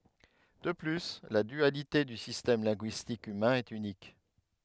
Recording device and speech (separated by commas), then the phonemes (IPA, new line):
headset microphone, read sentence
də ply la dyalite dy sistɛm lɛ̃ɡyistik ymɛ̃ ɛt ynik